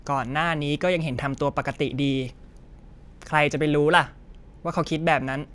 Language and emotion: Thai, frustrated